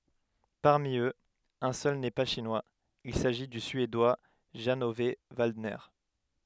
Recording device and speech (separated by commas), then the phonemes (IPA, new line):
headset microphone, read sentence
paʁmi øz œ̃ sœl nɛ pa ʃinwaz il saʒi dy syedwa ʒɑ̃ ɔv valdnɛʁ